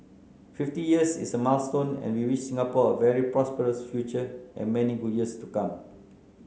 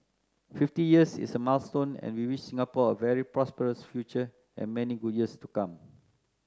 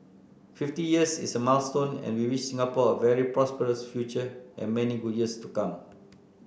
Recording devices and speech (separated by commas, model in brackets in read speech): mobile phone (Samsung C9), close-talking microphone (WH30), boundary microphone (BM630), read sentence